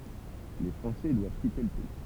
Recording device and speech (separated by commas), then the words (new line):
temple vibration pickup, read sentence
Les Français doivent quitter le pays.